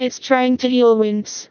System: TTS, vocoder